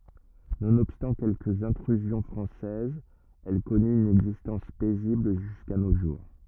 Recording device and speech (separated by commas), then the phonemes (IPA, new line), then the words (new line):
rigid in-ear microphone, read sentence
nonɔbstɑ̃ kɛlkəz ɛ̃tʁyzjɔ̃ fʁɑ̃sɛzz ɛl kɔny yn ɛɡzistɑ̃s pɛzibl ʒyska no ʒuʁ
Nonobstant quelques intrusions françaises, elle connut une existence paisible jusqu'à nos jours.